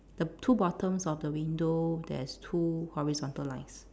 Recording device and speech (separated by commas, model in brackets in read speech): standing microphone, conversation in separate rooms